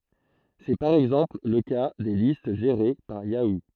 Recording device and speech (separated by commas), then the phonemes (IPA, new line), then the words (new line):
throat microphone, read sentence
sɛ paʁ ɛɡzɑ̃pl lə ka de list ʒeʁe paʁ jau
C'est par exemple le cas des listes gérées par Yahoo!